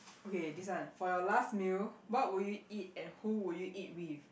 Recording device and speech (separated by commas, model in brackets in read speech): boundary microphone, conversation in the same room